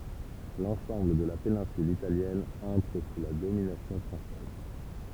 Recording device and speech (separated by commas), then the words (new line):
temple vibration pickup, read sentence
L’ensemble de la péninsule Italienne entre sous la domination française.